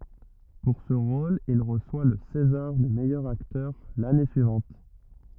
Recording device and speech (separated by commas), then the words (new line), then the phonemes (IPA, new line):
rigid in-ear microphone, read sentence
Pour ce rôle il reçoit le césar du meilleur acteur l'année suivante.
puʁ sə ʁol il ʁəswa lə sezaʁ dy mɛjœʁ aktœʁ lane syivɑ̃t